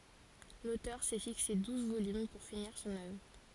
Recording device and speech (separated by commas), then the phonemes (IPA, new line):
forehead accelerometer, read sentence
lotœʁ sɛ fikse duz volym puʁ finiʁ sɔ̃n œvʁ